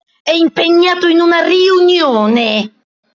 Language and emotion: Italian, angry